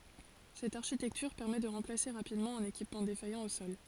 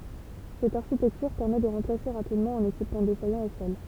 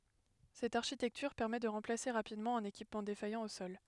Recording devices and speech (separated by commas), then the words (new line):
forehead accelerometer, temple vibration pickup, headset microphone, read sentence
Cette architecture permet de remplacer rapidement un équipement défaillant au sol.